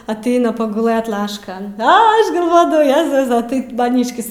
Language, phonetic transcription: Lithuanian, aˈteina paguˈlɘt ˈlaškan ˈa ˈaš galˈvodavau ˈjezusa ˈtaip maˈnyškis

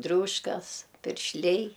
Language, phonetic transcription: Lithuanian, ˈdriūškas piršˈliai

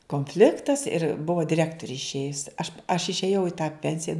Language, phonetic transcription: Lithuanian, konˈfliktas ir ˈbuvo diˈrektori išˈėjus aš aš išėˈjau i tą ˈpensija

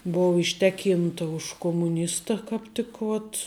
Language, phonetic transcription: Lithuanian, ˈbova išˈteˌkynta už komuˈnista kāp ˈtik vot

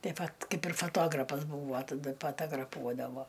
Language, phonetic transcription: Lithuanian, ˈtai ˈvat ˈkaip ir foˈtograpas ˈbūvo taˈda patagraˈpuodavo

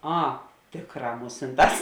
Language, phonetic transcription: Lithuanian, ˈa ˈtėkˌrā ˈmusinˌtās

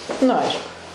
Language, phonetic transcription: Lithuanian, nu ˈaišku

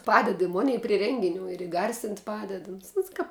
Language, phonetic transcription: Lithuanian, ˈpaded i ˈmunei pri ˈrengiˌnių ir iˈgarsint' ˈpaded uns ˈuns kap

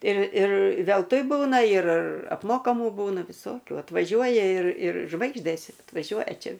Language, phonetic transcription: Lithuanian, ir ir velˈtui ˈbūna ir apˈmokamų ˈbūna viˈsokių atvaˈžiuoja ir ir ˈžvaigždės atvaˈžiuoja ˈčia

